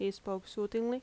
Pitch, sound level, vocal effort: 205 Hz, 81 dB SPL, normal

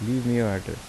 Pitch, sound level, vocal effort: 115 Hz, 80 dB SPL, soft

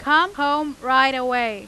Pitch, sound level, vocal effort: 265 Hz, 100 dB SPL, very loud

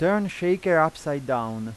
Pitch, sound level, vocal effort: 160 Hz, 92 dB SPL, loud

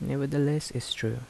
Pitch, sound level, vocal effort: 135 Hz, 76 dB SPL, soft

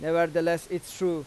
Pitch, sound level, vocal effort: 170 Hz, 93 dB SPL, loud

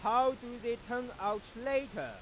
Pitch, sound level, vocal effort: 245 Hz, 102 dB SPL, very loud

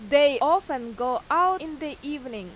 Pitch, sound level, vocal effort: 285 Hz, 93 dB SPL, very loud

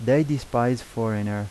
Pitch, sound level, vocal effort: 120 Hz, 85 dB SPL, normal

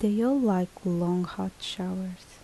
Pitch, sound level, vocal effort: 185 Hz, 73 dB SPL, soft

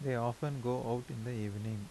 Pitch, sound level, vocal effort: 120 Hz, 80 dB SPL, soft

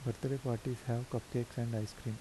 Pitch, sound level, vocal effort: 120 Hz, 77 dB SPL, soft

